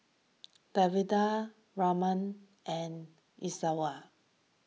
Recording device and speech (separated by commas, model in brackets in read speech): mobile phone (iPhone 6), read sentence